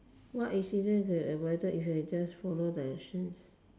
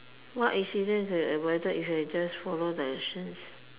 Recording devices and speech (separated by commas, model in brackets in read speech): standing microphone, telephone, conversation in separate rooms